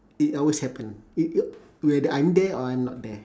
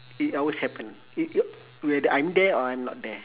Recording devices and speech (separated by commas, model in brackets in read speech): standing microphone, telephone, conversation in separate rooms